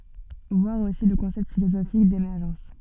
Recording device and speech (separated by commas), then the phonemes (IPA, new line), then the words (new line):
soft in-ear microphone, read sentence
vwaʁ osi lə kɔ̃sɛpt filozofik demɛʁʒɑ̃s
Voir aussi le concept philosophique d'émergence.